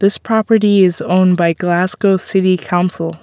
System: none